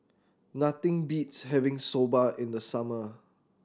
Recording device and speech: standing microphone (AKG C214), read sentence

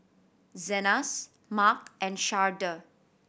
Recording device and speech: boundary microphone (BM630), read sentence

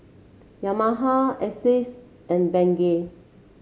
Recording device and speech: mobile phone (Samsung C7), read sentence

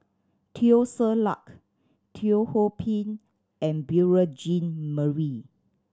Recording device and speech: standing microphone (AKG C214), read sentence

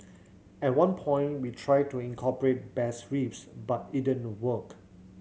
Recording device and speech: mobile phone (Samsung C7100), read sentence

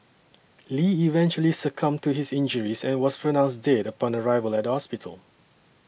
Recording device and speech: boundary microphone (BM630), read sentence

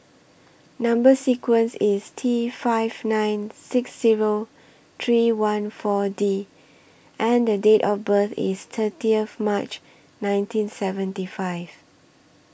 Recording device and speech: boundary microphone (BM630), read sentence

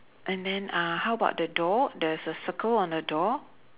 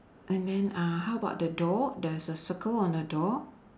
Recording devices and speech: telephone, standing microphone, conversation in separate rooms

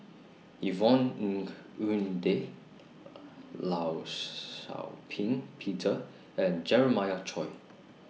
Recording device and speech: mobile phone (iPhone 6), read sentence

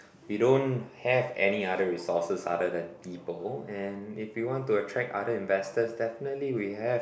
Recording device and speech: boundary microphone, conversation in the same room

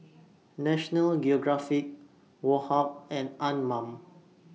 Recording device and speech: mobile phone (iPhone 6), read sentence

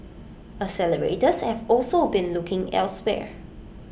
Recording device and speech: boundary microphone (BM630), read sentence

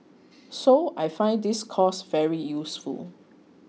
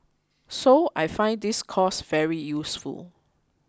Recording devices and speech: mobile phone (iPhone 6), close-talking microphone (WH20), read sentence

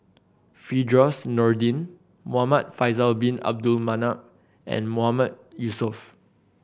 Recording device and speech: boundary microphone (BM630), read sentence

